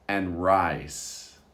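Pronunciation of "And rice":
In 'and rice', the 'and' is hardly heard before 'rice'.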